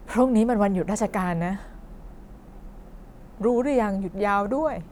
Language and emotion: Thai, sad